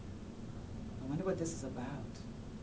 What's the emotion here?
fearful